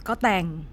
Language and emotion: Thai, frustrated